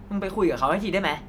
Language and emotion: Thai, angry